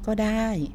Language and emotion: Thai, neutral